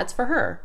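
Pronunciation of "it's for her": In 'it's for her', the word 'for' is reduced and sounds like 'fur'.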